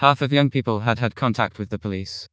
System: TTS, vocoder